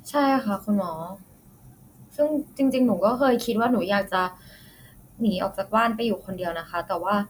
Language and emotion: Thai, neutral